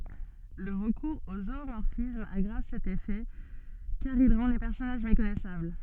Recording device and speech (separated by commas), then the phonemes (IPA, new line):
soft in-ear microphone, read sentence
lə ʁəkuʁz o zumɔʁfism aɡʁav sɛt efɛ kaʁ il ʁɑ̃ le pɛʁsɔnaʒ mekɔnɛsabl